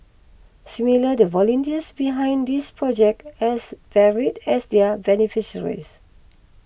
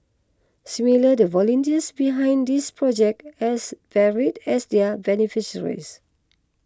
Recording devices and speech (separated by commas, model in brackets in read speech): boundary microphone (BM630), close-talking microphone (WH20), read sentence